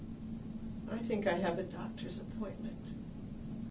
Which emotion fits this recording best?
sad